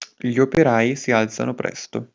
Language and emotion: Italian, neutral